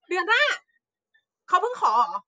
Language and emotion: Thai, happy